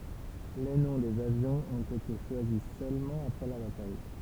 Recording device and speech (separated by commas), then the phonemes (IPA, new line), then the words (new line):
temple vibration pickup, read sentence
le nɔ̃ dez avjɔ̃z ɔ̃t ete ʃwazi sølmɑ̃ apʁɛ la bataj
Les noms des avions ont été choisis seulement après la bataille.